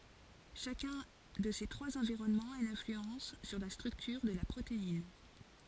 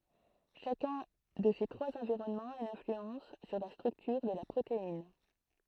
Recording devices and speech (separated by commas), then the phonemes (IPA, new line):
forehead accelerometer, throat microphone, read sentence
ʃakœ̃ də se tʁwaz ɑ̃viʁɔnmɑ̃z a yn ɛ̃flyɑ̃s syʁ la stʁyktyʁ də la pʁotein